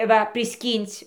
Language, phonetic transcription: Lithuanian, ˈva priˈskyn'c'

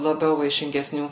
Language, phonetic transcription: Lithuanian, laˈbiau vaišingeˈsnių

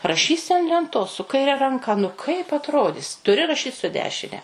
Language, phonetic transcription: Lithuanian, raˈšysi an lenˈtos su kaiˈre ranˈka nu ˈkaip atˈrodis tuˈri raˈšyt su ˈdešine

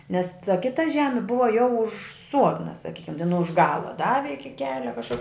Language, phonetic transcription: Lithuanian, nes ta ˈkita ˈžemi ˈbuva jau už ˈsuodna saˈkykem ten už ˈgala ˈdavi ˈiki ˈkelia kažˈkur

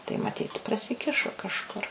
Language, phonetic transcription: Lithuanian, tai maˈtyt prasiˈkišo kažˈkur

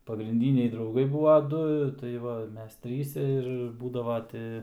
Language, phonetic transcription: Lithuanian, pagrinˈdyniai drauˈgai ˈbūva ˈdu tai ˈva ˈmes ˈtryse ir ˈbūdava ˈti

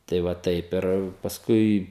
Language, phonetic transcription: Lithuanian, tai ˈva ˈtaip ir pasˈkui

